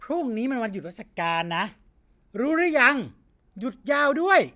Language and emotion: Thai, angry